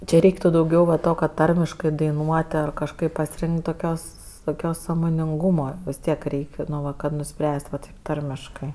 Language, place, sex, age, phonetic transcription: Lithuanian, Aukštaitija, female, 18-60, čia ˈreiktu dauˈgiau va ˈto kad ˈtarmiškɜ daiˈnuot' ar kažˈkaip pasiˈrink't' toˈkios toˈkios sąmoninˈgūma vis ˈtiek ˈreik' no ˈva kad nuˈspręst' va taip ˈtarmiškɜ

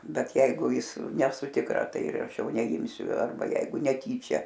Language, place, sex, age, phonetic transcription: Lithuanian, Aukštaitija, female, 60+, ˈbet ˈjeigu ˈjis neˈsu tikˈra ˈtai ir ˈaš ˈjau neˈimsiu ˈarba ˈjeigu neˈtyčia

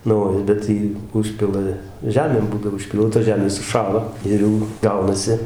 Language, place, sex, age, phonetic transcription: Lithuanian, Dzūkija, male, 60+, nu ˈo ˈbet jį ˈužpila ˈžemėm ˈbūdavo užˈpylta ˈžemės suˈšąla ˈir jau ˈgaunasi

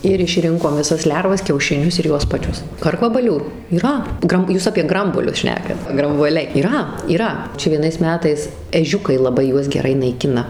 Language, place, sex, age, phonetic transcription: Lithuanian, Suvalkija, female, 18-60, ir išˈrinkom viˈsas ˈlervas kiaušiˈnius ir ˈjuos paˈčius ˈkarkvabalių yˈra ˈgram ˈjūs apie ˈgrambuolius ˈšnekat grambuoˈliai yˈra yˈra ˈčia vieˈnais ˈmetais eˈžiukai laˈbai ˈjuos geˈrai naiˈkina

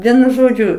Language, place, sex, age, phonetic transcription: Lithuanian, Aukštaitija, female, 60+, ˈvienu ˈžodžiu

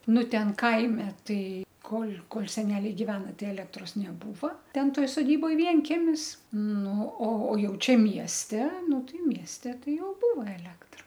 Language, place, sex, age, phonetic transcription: Lithuanian, Aukštaitija, female, 60+, ˈnu ˈten ˈkaime ˈtai ˈkol' ˈkol' seˈneliai giˈvena ˈtai ˈelektros neˈbūva ˈten ˈtoj soˈdyboj vienˈkemis ˈnu o o ˈjau ˈčia ˈmieste ˈnu ˈtai ˈmieste ˈtai ˈjau ˈbūva eˈlektra

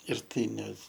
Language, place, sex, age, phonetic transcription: Lithuanian, Aukštaitija, male, 18-60, ir ˈtai ne

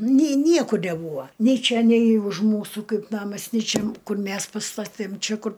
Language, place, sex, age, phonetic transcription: Lithuanian, Aukštaitija, female, 60+, ni ˈniekur neˈbūvo nei ˈčia nei už ˈmūsų ˈkaip ˈnamas ni ˈčia ˈkur ˈmes paˈstatėm ˈčia ˈkur

